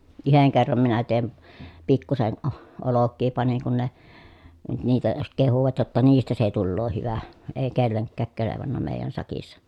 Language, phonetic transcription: Finnish, yheŋ kerram minä tèi(n) , pikkusen ʼo- , olokkii paniŋ kun ne , nyt niitä (sit) kehuvat jotta niistä se tulloo hyvä , èi kelleŋkkääk kelevanna mèi̮jän sakissa .
- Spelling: yhden kerran minä tein pikkuisen - olkia panin kun ne nyt niitä sitten kehuivat jotta niistä se tulee hyvä ei kenellekään kelvannut meidän sakissa

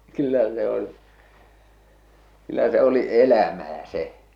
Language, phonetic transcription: Finnish, kyllä se ‿on , kyllä se oli 'elämää 'se !
- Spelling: kyllä se on kyllä se oli elämää se

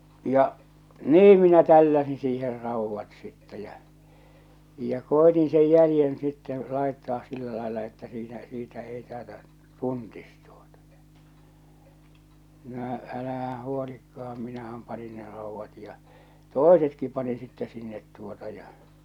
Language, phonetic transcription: Finnish, ja , "nii minä 'tälläsin 'siiher 'ràuvvat sitte jä͔ , ja͕ 'koetin sej 'jälⁱjen sitteḛ , 'làettaas sillä 'làella että siinä , siitä ei tàeta’ , "tuntis tᴜᴏtᴀ ᴊᴀ , no , 'älähää̰ huolikka₍am 'minähäm panin ne ràuvvat ja , "tòesetki panin sittɛ sinnet tuota ja .
- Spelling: ja niin minä tälläsin siihen raudat sitten ja ja koetin sen jäljen sitten laittaa sillä lailla että siinä siitä ei taideta tuntisi tuota no no älähän huolikaan minähän panin ne raudat ja toisetkin panin sitten sinne tuota ja

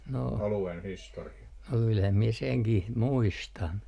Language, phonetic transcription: Finnish, no kylhäm mie seŋkih , 'muistan .
- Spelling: no kyllähän minä senkin muistan

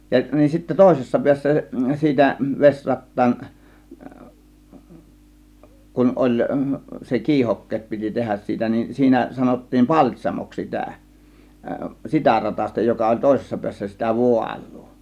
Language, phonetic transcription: Finnish, ja nin sittä 'tòėsessa 'piässä , 'siitä , 'veśrat̀taan , 'kun 'oĺ , se "kiihokkeet piti 'tehäs siitä nin , 'siinä sanottiin "paĺt́śamoks sitä , "sitä 'ratasta joka oĺ 'tòėsessa 'piässä sitä "vual̆lUU .
- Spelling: ja niin sitten toisessa päässä siitä vesirattaan kun oli se kiihokkeet piti tehdä siitä niin siinä sanottiin paltsamoksi sitä sitä ratasta joka oli toisessa päässä sitä vaalua

